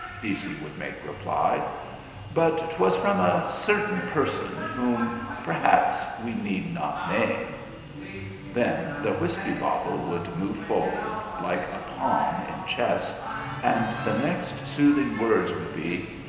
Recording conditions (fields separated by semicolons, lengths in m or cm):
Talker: one person; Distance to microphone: 1.7 m; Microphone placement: close; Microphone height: 1.0 m; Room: very reverberant, large; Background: television